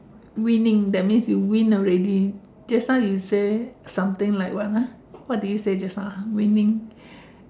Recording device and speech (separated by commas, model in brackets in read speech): standing microphone, conversation in separate rooms